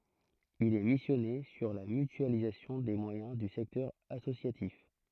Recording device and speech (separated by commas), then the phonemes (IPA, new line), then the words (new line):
throat microphone, read sentence
il ɛ misjɔne syʁ la mytyalizasjɔ̃ de mwajɛ̃ dy sɛktœʁ asosjatif
Il est missionné sur la mutualisation des moyens du secteur associatif.